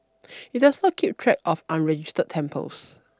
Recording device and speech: standing microphone (AKG C214), read sentence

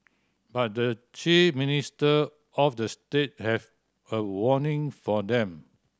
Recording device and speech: standing microphone (AKG C214), read sentence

